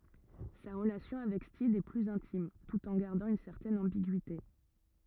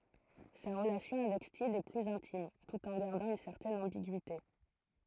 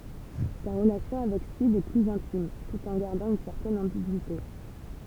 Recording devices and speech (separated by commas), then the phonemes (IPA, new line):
rigid in-ear microphone, throat microphone, temple vibration pickup, read sentence
sa ʁəlasjɔ̃ avɛk stid ɛ plyz ɛ̃tim tut ɑ̃ ɡaʁdɑ̃ yn sɛʁtɛn ɑ̃biɡyite